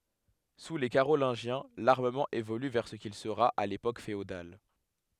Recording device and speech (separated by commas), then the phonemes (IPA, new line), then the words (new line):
headset microphone, read sentence
su le kaʁolɛ̃ʒjɛ̃ laʁməmɑ̃ evoly vɛʁ sə kil səʁa a lepok feodal
Sous les Carolingiens, l'armement évolue vers ce qu'il sera à l'époque féodale.